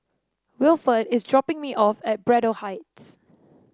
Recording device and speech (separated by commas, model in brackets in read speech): standing microphone (AKG C214), read sentence